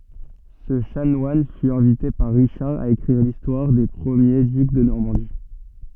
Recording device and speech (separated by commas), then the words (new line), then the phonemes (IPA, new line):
soft in-ear microphone, read sentence
Ce chanoine fut invité par Richard à écrire l'histoire des premiers ducs de Normandie.
sə ʃanwan fy ɛ̃vite paʁ ʁiʃaʁ a ekʁiʁ listwaʁ de pʁəmje dyk də nɔʁmɑ̃di